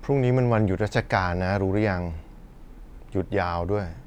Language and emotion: Thai, frustrated